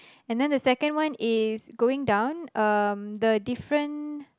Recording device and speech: close-talking microphone, conversation in the same room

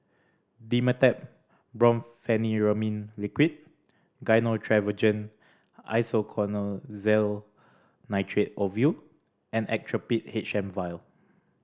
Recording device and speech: standing microphone (AKG C214), read sentence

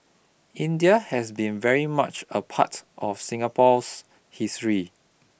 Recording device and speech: boundary microphone (BM630), read sentence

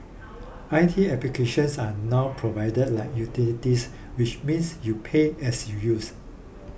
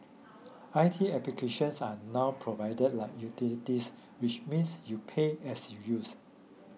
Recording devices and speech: boundary microphone (BM630), mobile phone (iPhone 6), read sentence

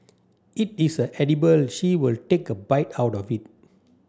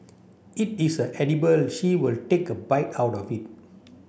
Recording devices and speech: standing microphone (AKG C214), boundary microphone (BM630), read sentence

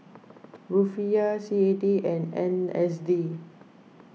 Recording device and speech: mobile phone (iPhone 6), read sentence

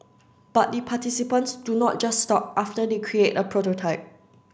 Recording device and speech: standing microphone (AKG C214), read sentence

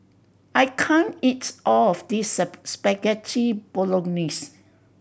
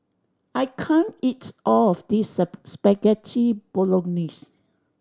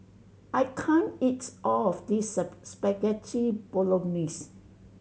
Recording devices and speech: boundary microphone (BM630), standing microphone (AKG C214), mobile phone (Samsung C7100), read sentence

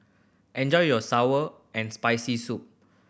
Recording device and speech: boundary microphone (BM630), read sentence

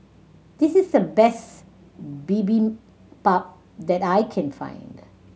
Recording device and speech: mobile phone (Samsung C7100), read sentence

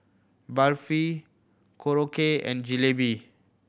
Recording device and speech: boundary microphone (BM630), read sentence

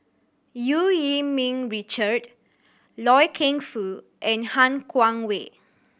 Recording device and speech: boundary microphone (BM630), read sentence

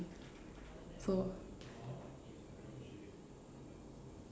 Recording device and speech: standing microphone, conversation in separate rooms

